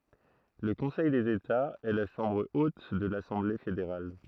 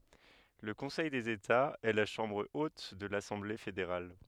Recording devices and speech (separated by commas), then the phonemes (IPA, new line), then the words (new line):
throat microphone, headset microphone, read sentence
lə kɔ̃sɛj dez etaz ɛ la ʃɑ̃bʁ ot də lasɑ̃ble fedeʁal
Le Conseil des États, est la chambre haute de l'Assemblée fédérale.